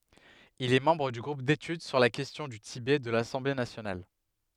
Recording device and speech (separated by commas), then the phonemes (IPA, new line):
headset microphone, read sentence
il ɛ mɑ̃bʁ dy ɡʁup detyd syʁ la kɛstjɔ̃ dy tibɛ də lasɑ̃ble nasjonal